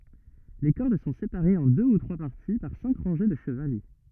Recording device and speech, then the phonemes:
rigid in-ear microphone, read sentence
le kɔʁd sɔ̃ sepaʁez ɑ̃ dø u tʁwa paʁti paʁ sɛ̃k ʁɑ̃ʒe də ʃəvalɛ

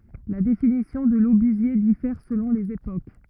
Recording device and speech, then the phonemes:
rigid in-ear microphone, read sentence
la definisjɔ̃ də lobyzje difɛʁ səlɔ̃ lez epok

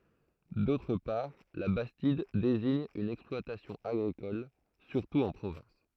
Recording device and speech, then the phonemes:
throat microphone, read sentence
dotʁ paʁ la bastid deziɲ yn ɛksplwatasjɔ̃ aɡʁikɔl syʁtu ɑ̃ pʁovɑ̃s

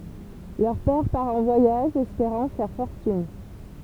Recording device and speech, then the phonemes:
temple vibration pickup, read sentence
lœʁ pɛʁ paʁ ɑ̃ vwajaʒ ɛspeʁɑ̃ fɛʁ fɔʁtyn

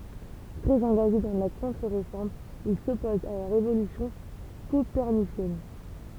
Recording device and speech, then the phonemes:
temple vibration pickup, read sentence
tʁɛz ɑ̃ɡaʒe dɑ̃ la kɔ̃tʁəʁefɔʁm il sɔpozt a la ʁevolysjɔ̃ kopɛʁnisjɛn

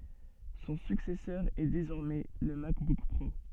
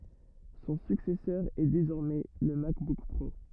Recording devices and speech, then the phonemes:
soft in-ear microphone, rigid in-ear microphone, read sentence
sɔ̃ syksɛsœʁ ɛ dezɔʁmɛ lə makbuk pʁo

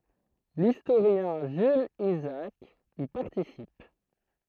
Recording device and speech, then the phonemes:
throat microphone, read sentence
listoʁjɛ̃ ʒylz izaak i paʁtisip

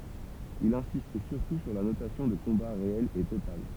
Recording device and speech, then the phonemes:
temple vibration pickup, read sentence
il ɛ̃sist syʁtu syʁ la nosjɔ̃ də kɔ̃ba ʁeɛl e total

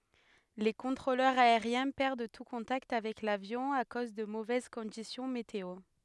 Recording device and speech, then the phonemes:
headset microphone, read sentence
le kɔ̃tʁolœʁz aeʁjɛ̃ pɛʁd tu kɔ̃takt avɛk lavjɔ̃ a koz də movɛz kɔ̃disjɔ̃ meteo

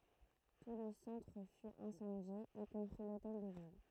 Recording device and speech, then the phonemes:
throat microphone, read sentence
tu lə sɑ̃tʁ fy ɛ̃sɑ̃dje i kɔ̃pʁi lotɛl də vil

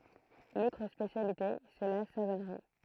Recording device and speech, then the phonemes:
throat microphone, read sentence
lotʁ spesjalite sɛ la savɔnʁi

